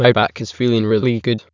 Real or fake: fake